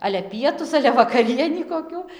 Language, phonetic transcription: Lithuanian, ˈale ˈpietus ˈale vakaˈrienį koˈkių

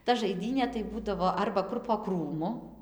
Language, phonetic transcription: Lithuanian, ta žaiˈdynė tai ˈbūdavo ˈarba ˈkur po ˈkrūmu

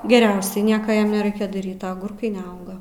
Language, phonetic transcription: Lithuanian, geˈriausiai ˈnieka ˈjam neˈraikia daˈryt a aˈgurkai neˈauga

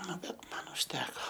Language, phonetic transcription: Lithuanian, ˈnu ˈbet ˈman užˈteko

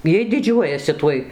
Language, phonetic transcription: Lithuanian, ˈjiej diˈdžiuojasi ˈtuoj

